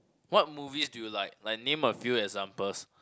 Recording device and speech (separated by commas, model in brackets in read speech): close-talking microphone, conversation in the same room